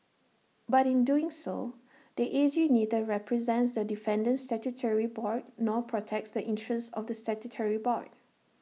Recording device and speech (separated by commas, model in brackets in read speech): mobile phone (iPhone 6), read sentence